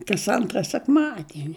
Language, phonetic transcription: Lithuanian, kas ˈantra sekˈmadieni

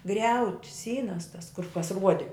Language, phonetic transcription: Lithuanian, ˈgriauti ˈsynas tas kur kas ˈruodi

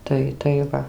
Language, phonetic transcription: Lithuanian, ˈtai tai ˈva

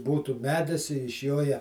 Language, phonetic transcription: Lithuanian, ˈbūtų ˈmedis iš ˈjo ja

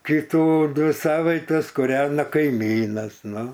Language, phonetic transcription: Lithuanian, ˈkytų ˈdvi ˈsavaites kuˈrena kaiˈmynas ˈnu

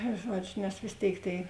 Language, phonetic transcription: Lithuanian, ˈžuodžiu nes vės ˈtėik tėi

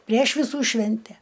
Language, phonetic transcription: Lithuanian, prieš viˈsų ˈšvente

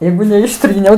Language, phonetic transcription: Lithuanian, ˈjeigu neišˈtryniau

